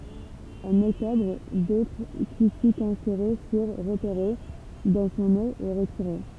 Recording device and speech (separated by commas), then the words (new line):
temple vibration pickup, read sentence
En octobre, d'autres tissus cancéreux furent repérés dans son nez et retirés.